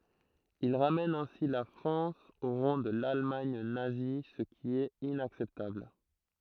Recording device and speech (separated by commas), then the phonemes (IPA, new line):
throat microphone, read sentence
il ʁamɛn ɛ̃si la fʁɑ̃s o ʁɑ̃ də lalmaɲ nazi sə ki ɛt inaksɛptabl